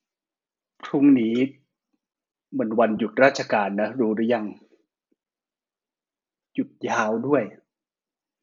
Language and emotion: Thai, sad